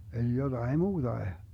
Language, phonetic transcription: Finnish, eli joDai muuDae .
- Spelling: eli jotakin muutakin

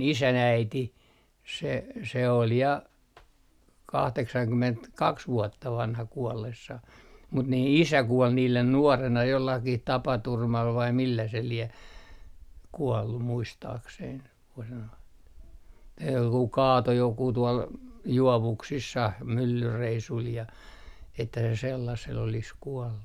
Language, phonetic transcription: Finnish, "isän 'äiti , se , se ol ja , "kahteksaŋkymentkaks 'vuotta 'vanha 'kuɔllessah mut 'nii "isä 'kuol niilen 'nuorena jollakih 'tapaturmal vai millä se 'lie , 'kuɔllu 'muistaakseiŋ ko se noin "kaato 'jokuu tuol , 'juovuksissah , myllyreisul ja , että se sellasel olis 'kuɔllu .
- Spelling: isän äiti se se oli ja kahdeksankymmentäkaksi vuotta vanha kuollessaan mutta niin isä kuoli niiden nuorena jollakin tapaturmalla vai millä se lie kuollut muistaakseni kun se noin kaatoi joku tuolla juovuksissa myllyreissulla ja että se sellaisella olisi kuollut

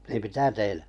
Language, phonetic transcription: Finnish, niim "mitä 'tein ?
- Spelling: niin mitä tein

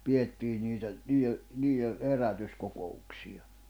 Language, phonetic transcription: Finnish, 'pi₍ettii niitä , nii₍e , nii₍e , 'herätys'koko₍uksi₍a .
- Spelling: pidettiin niitä niille niille herätyskokouksia

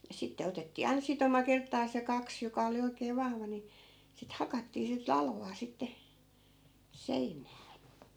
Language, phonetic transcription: Finnish, ja 'sitte 'otettii ainᵃ 'sitoma 'kerttaas ja 'kaks , joka oli 'oikee 'vahva ni , sit 'hakattii sit "lalvaa sitte , "sein̆nää .
- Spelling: ja sitten otettiin aina sitoma kertaansa ja kaksi joka oli oikein vahva niin sitä hakattiin sitten latvaa sitten seinään

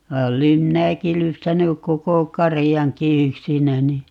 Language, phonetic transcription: Finnish, va 'olem "minäki 'lypsänyk 'koko "karijaŋki 'yksinäni .
- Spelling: vaan olen minäkin lypsänyt koko karjankin yksinäni

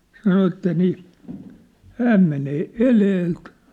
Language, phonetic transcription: Finnish, sano että nii , "hääm menee "eleelt .
- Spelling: sanoi että niin hän menee edeltä

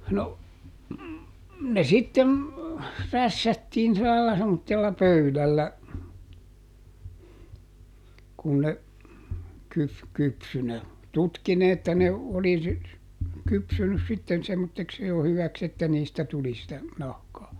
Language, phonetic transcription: Finnish, no , ne ˈsitten , ˈrässättiin silä lala semmottella ˈpöylällä , kun ne , ˈkyf- ˈkypsy - ne , ˈtutki ne että ne , oli sy- , ˈkypsynys ˈsitten semmotteks jo ˈhyväks ‿että niistä ˈtuli sitä , ˈnahkaa .
- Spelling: no ne sitten rässättiin sillä lailla semmoisella pöydällä kun ne - kypsyi ne tutki ne että ne oli - kypsynyt sitten semmoiseksi jo hyväksi että niistä tuli sitä nahkaa

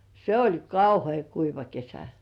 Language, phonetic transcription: Finnish, se oĺ "kauhe̳e̳§ 'kuiva kesä .
- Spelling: se oli kauhean kuiva kesä

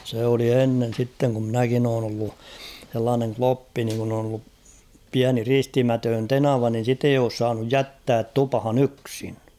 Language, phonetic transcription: Finnish, sè oli 'ennen̬ sitteŋ ku ‿'mnäkin ‿oon ‿ollu , h̬ellaaneŋ "kloppi niŋ kun ‿on ‿ollup 'piäni 'ristimätöön "tenava nin̬ 'sit ‿ei oos saanuj "jättäät "tupᵃhan 'yksɪɴ .
- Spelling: se oli ennen sitten kun minäkin olen ollut sellainen kloppi niin kun on ollut pieni ristimätön tenava niin sitten ei ole saanut jättää tupaan yksin

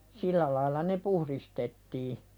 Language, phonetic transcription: Finnish, 'sĭllä lail̆la ne "puhðistettii .
- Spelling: sillä lailla ne puhdistettiin

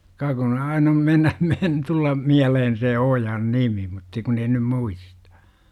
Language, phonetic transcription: Finnish, ka kun 'ain ‿om 'mennä , men - 'tullam , 'miälehen se "ojan "nimi mutta kun ei nym "muistA .
- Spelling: ka kun aina on mennä - tulla mieleen se ojan nimi mutta kun ei nyt muista

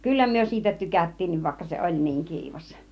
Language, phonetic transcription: Finnish, kyllä myö siitä "tykät̀tiinniv vaikka se "oĺ niiŋ 'kiivas .
- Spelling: kyllä me siitä tykättiinkin vaikka se oli niin kiivas

